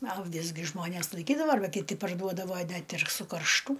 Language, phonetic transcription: Lithuanian, a aˈvis gi ˈžmonės laiˈkydava arˈba kiˈti parˈduodavo ˈnet ir sukaršˈtų

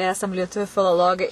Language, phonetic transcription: Lithuanian, ˈesam lieˈtuvių filoˈlogai

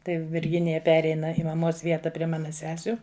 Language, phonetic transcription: Lithuanian, tai virˈginija ˈpereina i maˈmos ˈvieta prie ˈmana ˈsesiu

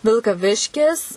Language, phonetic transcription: Lithuanian, vilkaˈviškis

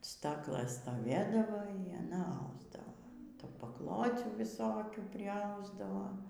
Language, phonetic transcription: Lithuanian, ˈstaklɘs stoˈvėdavo y aˈna ˈausdavo ˈtų paˈklocių viˈsokių priˈausdavo

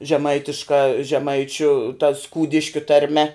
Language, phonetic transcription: Lithuanian, žeˈmaitiška žeˈmaičiu ta ˈskūdiškiu tarˈme

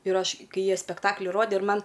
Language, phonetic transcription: Lithuanian, ir ˈaš ˈkai ˈjie spekˈtakli ˈrodė ir ˈman

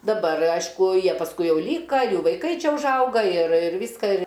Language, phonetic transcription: Lithuanian, daˈbar ˈaišku ˈjie pasˈkui ˈjau ˈlyka ˈjų vaiˈkai ˈčia užˈauga ir ir ˈvyska ir

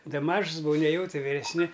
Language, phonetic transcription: Lithuanian, ˈda ˈmažs buˈvau ˈnejau ˈti viresˈni

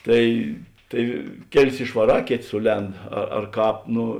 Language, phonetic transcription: Lithuanian, ˈtai ˈtai ˈkeˌlis išvaˈrā ˈkėˌtė ˈsuˌlend a ar ˈkāp ˈno

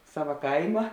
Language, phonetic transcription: Lithuanian, ˈsava ˈkaima

